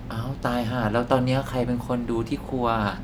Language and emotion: Thai, frustrated